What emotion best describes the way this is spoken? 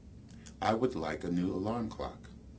neutral